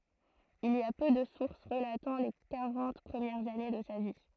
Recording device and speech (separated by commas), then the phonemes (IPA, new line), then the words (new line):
throat microphone, read sentence
il i a pø də suʁs ʁəlatɑ̃ le kaʁɑ̃t pʁəmjɛʁz ane də sa vi
Il y a peu de sources relatant les quarante premières années de sa vie.